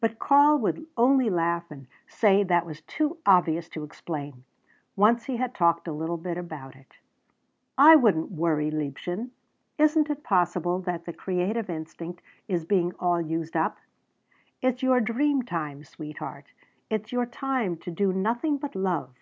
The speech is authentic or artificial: authentic